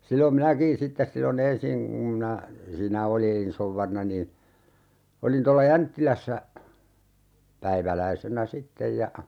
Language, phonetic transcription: Finnish, 'sillom "minäkiḭ sittes 'sillo"n ‿ensiŋ ŋum minä , siinä "oliin 'souvvarina niin̬ , 'olin tolla "Jänttilässä , 'päiväläisenä "sittej ja ,.
- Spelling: silloin minäkin sitten silloin ensin kun minä siinä olin souvarina niin olin tuolla Jänttilässä päiväläisenä sitten ja

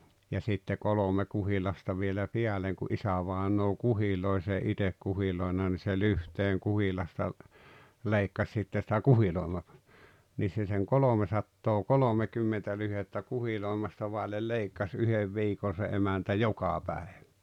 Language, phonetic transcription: Finnish, ja sitte 'kolome 'kuhilasta vielä "piäleŋ ku '’isävaeǹoo "kuhiloe s ‿ei "itek 'kuhiloina ni se "lyhteeŋ 'kuhilasta , 'leikkas sitte sⁱtä "kuhilòema- , niis se seŋ "kolomesattoo"kolomekymmentä lyhettä 'kuhilòemasta vàellel 'leikkas "yhev 'viikon̬ se 'emäntä "joka 'päeᴠᴀ̈ .
- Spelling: ja sitten kolme kuhilasta vielä päälle kun isävainaja kuhiloi se ei itse kuhiloinut niin se lyhteen kuhilasta leikkasi sitten sitä - niissä se sen kolmesataakolmekymmentä lyhdettä kuhiloimista vaille leikkasi yhden viikon se emäntä joka päivä

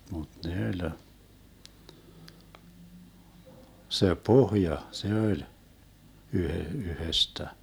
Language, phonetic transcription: Finnish, muD 'ne öĺ , se "pohja , 'se oĺ , 'yhe- , 'yhestä .
- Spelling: mutta ne oli se pohja se oli - yhdestä

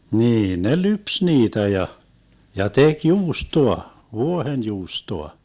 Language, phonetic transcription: Finnish, 'niin ne "lyps 'niitä ja , ja 'tek "juustoa , "vuohenjuustoa .
- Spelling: niin ne lypsi niitä ja ja teki juustoa vuohenjuustoa

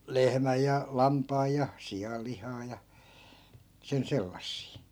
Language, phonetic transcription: Finnish, "lehmäj ja "lampaaj ja , 'siʲal lihaa ja , sen 'sellassii .
- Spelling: lehmän ja lampaan ja sian lihaa ja sen sellaisia

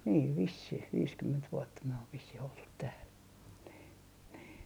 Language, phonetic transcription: Finnish, 'niiv 'vissih 'viiskymment 'vuotta myö ov vissih oltut tääl , nii , nii .
- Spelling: niin vissiin viisikymmentä vuotta me on vissiin oltu täällä niin niin

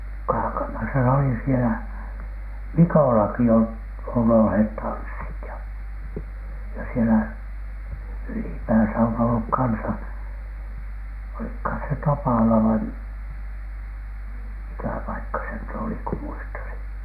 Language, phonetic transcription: Finnish, 'Kaakamasa se oli sielä , "Mikòlaki ol- , on olhèt 'tanssit ja , ja sielä "ylipääsä on olluk 'kansa , olikhàn se "Tapàla vai m- , 'mikä 'paikka se nyt oli ku muistasiN .
- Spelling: Kaakamassa se oli siellä Mikollakin - on olleet tanssit ja ja siellä ylipäässä on ollut kanssa olikohan se Tapala vai - mikä paikka se nyt oli kun muistaisin

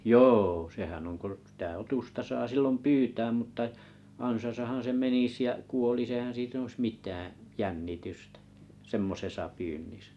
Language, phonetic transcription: Finnish, jô 'sehän on ko , sⁱtä 'otusta 'saa 'sillom "pyytääm mutta , 'ansasahan se 'menis ja , 'kuolis eihän sit ‿oⁱs "mit̀äää̰ , "jännitystᴀ̈ , "semmosesa pyynnisᴀ̈ .
- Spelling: joo sehän on kun sitä otusta saa silloin pyytää mutta ansassahan se menisi ja kuolisi eihän sitä olisi mitään jännitystä semmoisessa pyynnissä

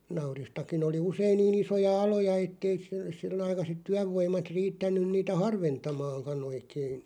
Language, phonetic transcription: Finnish, nauristakin ‿oli 'usein 'nii'n ‿isoja "aloja ettei s- 'sil- -aikaset 'tyävvoim̆mat 'riittän̆nyⁿ niitä "harventamaaŋka'n ‿oikein .
- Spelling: nauristakin oli usein niin isoja aloja että ei - - aikaiset työvoimat riittänyt niitä harventamaankaan oikein

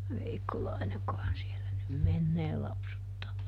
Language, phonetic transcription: Finnish, ˈVeikkolaineŋkohan sielä nym "mennee lapsuttaa .
- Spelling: Veikkolainenkohan siellä nyt menee lapsuttaa

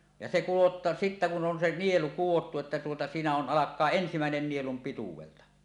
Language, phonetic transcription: Finnish, ja se kuvotᴀ- , 'sittä kun 'on se "nielu 'k̀uwottu että tuota siinä on "ˀalak̆kaa "ensimä̀en̳en 'nielum 'pituwelta .
- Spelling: ja se - sitten kun on se nielu kudottu että tuota siinä on alkaa ensimmäinen nielun pituudelta

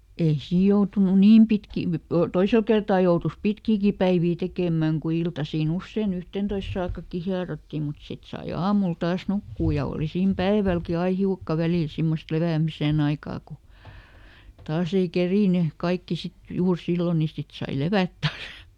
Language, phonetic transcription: Finnish, ei ˈsiij̆ joutunu "niim pitkii , ˈtoisel kertaa joutus "pitkiiki päivii ˈtekèmä̀ŋ ku ˈiltasii " ‿usseiˈn ‿yhtèntois saakkakki ˈhiarotti mut ˈsit sai "aamul ˈtaas "nukkuu ja ˈòli siim ˈpäivälki ˈai "hiukka ˈvälìl ˈsimmost "levä̀miseˈn ‿aikaa ku , ˈtaas ‿ei ˈkerìny , ˈkaikki sit ˈjuur "sillo ni ˈsit sai "levät ˈtaas .
- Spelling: ei siinä joutunut niin pitkiä toisella kertaa joutui pitkiäkin päiviä tekemään kun iltaisin usein yhteentoista saakkakin hierottiin mutta sitten sai aamulla taas nukkua ja oli siinä päivälläkin aina hiukka välillä semmoista lepäämisen aikaa kun taas ei kerinnyt kaikki sitten juuri silloin niin sitten sai levätä taas

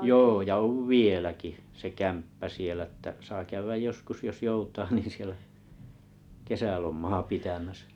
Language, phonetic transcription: Finnish, joo ja 'ov̀ "vieläki , se kämppä sielᵃ̈ ᵊttä saa 'käyväj 'joskus jos 'joutaa niin̬ sielä , 'kesälom̆maa 'pitämäsᴀ̈ .
- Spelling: joo ja on vieläkin se kämppä siellä että saa käydä joskus jos joutaa niin siellä kesälomaa pitämässä

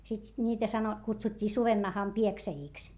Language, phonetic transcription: Finnish, sit ńiitä sano - kutsut́t́ii suvennaham pieksäjìks .
- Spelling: sitten niitä - kutsuttiin sudennahan pieksäjiksi

